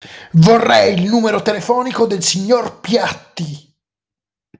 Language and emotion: Italian, angry